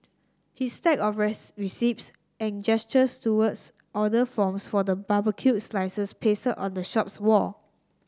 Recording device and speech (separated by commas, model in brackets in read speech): standing microphone (AKG C214), read sentence